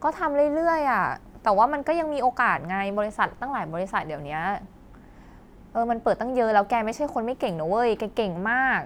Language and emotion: Thai, neutral